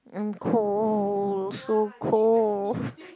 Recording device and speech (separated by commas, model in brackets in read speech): close-talking microphone, conversation in the same room